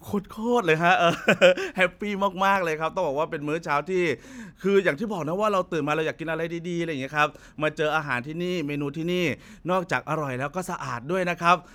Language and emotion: Thai, happy